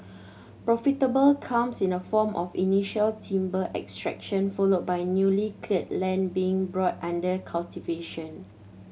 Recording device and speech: mobile phone (Samsung C7100), read sentence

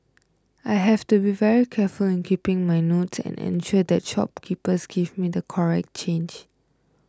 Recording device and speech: close-talking microphone (WH20), read sentence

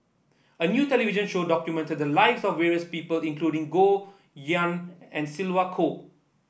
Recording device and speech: boundary microphone (BM630), read sentence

